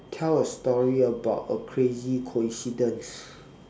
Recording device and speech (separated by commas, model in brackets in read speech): standing microphone, conversation in separate rooms